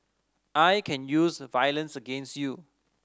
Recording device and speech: standing microphone (AKG C214), read sentence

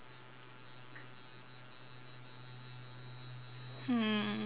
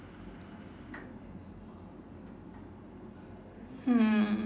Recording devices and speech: telephone, standing microphone, conversation in separate rooms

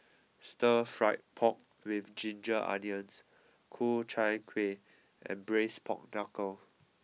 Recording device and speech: mobile phone (iPhone 6), read sentence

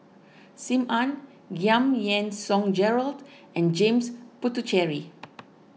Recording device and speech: mobile phone (iPhone 6), read sentence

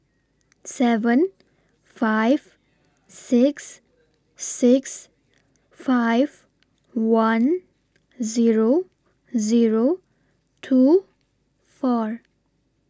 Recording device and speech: standing microphone (AKG C214), read sentence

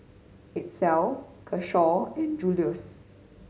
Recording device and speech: mobile phone (Samsung C5010), read sentence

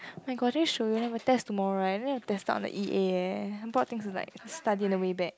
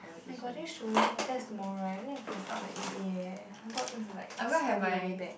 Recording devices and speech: close-talking microphone, boundary microphone, conversation in the same room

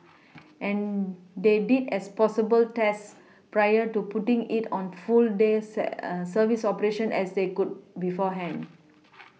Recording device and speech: mobile phone (iPhone 6), read sentence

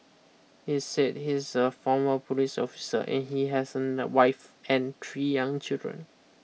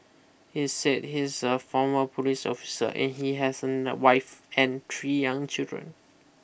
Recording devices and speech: mobile phone (iPhone 6), boundary microphone (BM630), read sentence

